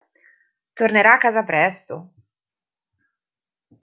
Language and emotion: Italian, surprised